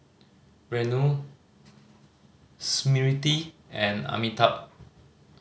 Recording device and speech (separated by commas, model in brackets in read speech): mobile phone (Samsung C5010), read sentence